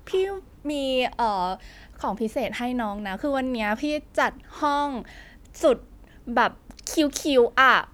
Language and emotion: Thai, happy